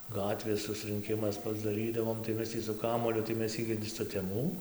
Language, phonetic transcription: Lithuanian, ˈgatvės susrɨnˈkimas pasdaˈrydavom tai ˈmes tį su ˈkamuoliu tai ˈmes ˈigi suteˈmų

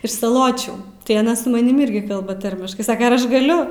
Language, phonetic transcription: Lithuanian, iš saˈločių tai aˈna su maˈnim ˈirgi ˈkalba ˈtarmiškai ˈsaka ar ˈaš gaˈliu

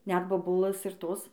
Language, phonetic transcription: Lithuanian, net boˈbulɘs ir ˈtos

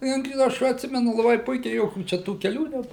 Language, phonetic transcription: Lithuanian, ˈjuk ˈaš atˈsimenu laˈbai ˈpuikiai ˈjokių ˈčia tų keˈlių ˈneb

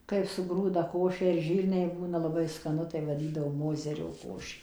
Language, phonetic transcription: Lithuanian, kai suˈgrūda ˈkošę ir ˈžyrniai ˈbūna laˈbai skaˈnu tai vaˈdydavo ˈmozerio ˈkošė

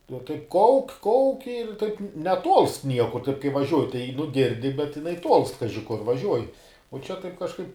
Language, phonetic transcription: Lithuanian, jau taip ˈkauk' ˈkauk' ir taip neˈtuolst ˈniekur taip kai vaˈžiuoji tai nu ˈgirdi bet jiˈnai tuolst ˈkaži kur vaˈžiuoji o ˈčia taip kažˈkaip

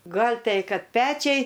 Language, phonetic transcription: Lithuanian, ˈgal' ˈtei ˈkad ˈpečiai

